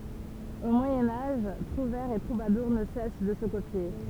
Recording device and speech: temple vibration pickup, read sentence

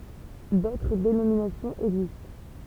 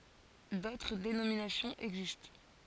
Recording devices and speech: temple vibration pickup, forehead accelerometer, read sentence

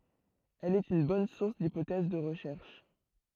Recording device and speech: throat microphone, read sentence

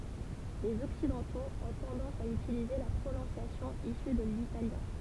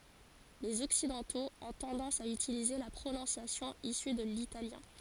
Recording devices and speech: temple vibration pickup, forehead accelerometer, read sentence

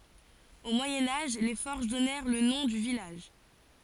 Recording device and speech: forehead accelerometer, read sentence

